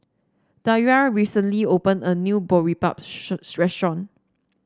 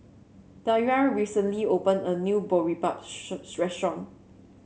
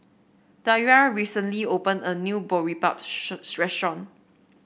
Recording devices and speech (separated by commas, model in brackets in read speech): standing microphone (AKG C214), mobile phone (Samsung C7), boundary microphone (BM630), read sentence